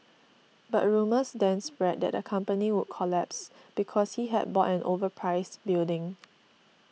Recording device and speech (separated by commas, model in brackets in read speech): mobile phone (iPhone 6), read sentence